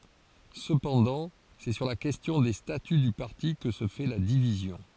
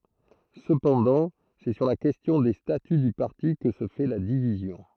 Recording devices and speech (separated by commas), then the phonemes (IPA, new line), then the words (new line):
forehead accelerometer, throat microphone, read sentence
səpɑ̃dɑ̃ sɛ syʁ la kɛstjɔ̃ de staty dy paʁti kə sə fɛ la divizjɔ̃
Cependant, c'est sur la question des statuts du parti que se fait la division.